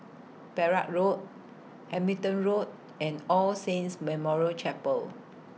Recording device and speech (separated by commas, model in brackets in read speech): mobile phone (iPhone 6), read sentence